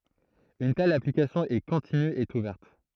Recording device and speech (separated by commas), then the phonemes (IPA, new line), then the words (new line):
throat microphone, read sentence
yn tɛl aplikasjɔ̃ ɛ kɔ̃tiny e uvɛʁt
Une telle application est continue et ouverte.